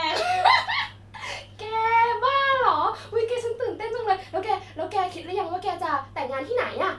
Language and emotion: Thai, happy